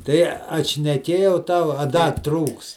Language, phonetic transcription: Lithuanian, ˈtai atšneˈkėjau ˈtau a ˈda ˈtrūks

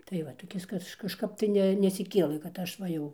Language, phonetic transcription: Lithuanian, tai ˈvat toˈkis ˈkaž kažˈkap tai ˈne nesiˈkėlɘ kad ˈaš ˈva jau

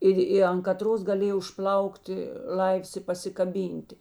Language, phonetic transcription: Lithuanian, ˈir i an kaˈtros gaˈlėj užˈplaukti ˈlaivs i pasikaˈbynti

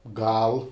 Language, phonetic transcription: Lithuanian, ˈgal

